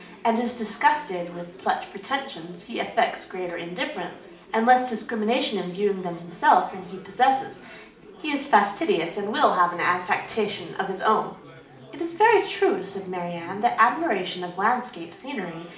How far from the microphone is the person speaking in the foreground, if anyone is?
2.0 m.